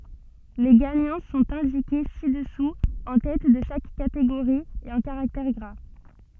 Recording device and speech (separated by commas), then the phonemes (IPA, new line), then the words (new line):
soft in-ear microphone, read sentence
le ɡaɲɑ̃ sɔ̃t ɛ̃dike si dəsu ɑ̃ tɛt də ʃak kateɡoʁi e ɑ̃ kaʁaktɛʁ ɡʁa
Les gagnants sont indiqués ci-dessous en tête de chaque catégorie et en caractères gras.